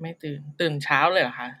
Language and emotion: Thai, neutral